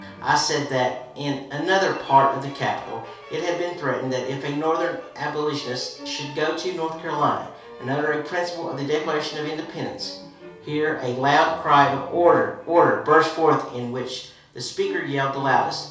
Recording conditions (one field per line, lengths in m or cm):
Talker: one person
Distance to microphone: 3.0 m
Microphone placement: far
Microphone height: 1.8 m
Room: small (3.7 m by 2.7 m)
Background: music